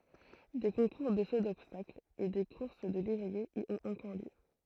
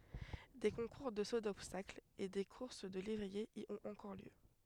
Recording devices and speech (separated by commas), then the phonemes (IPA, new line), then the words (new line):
throat microphone, headset microphone, read sentence
de kɔ̃kuʁ də so dɔbstakl e de kuʁs də levʁiez i ɔ̃t ɑ̃kɔʁ ljø
Des concours de saut d'obstacle et des courses de lévriers y ont encore lieu.